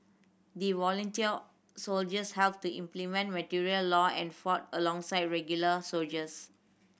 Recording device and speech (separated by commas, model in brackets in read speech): boundary microphone (BM630), read sentence